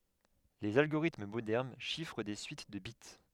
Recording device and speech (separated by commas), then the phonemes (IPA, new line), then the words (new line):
headset microphone, read sentence
lez alɡoʁitm modɛʁn ʃifʁ de syit də bit
Les algorithmes modernes chiffrent des suites de bits.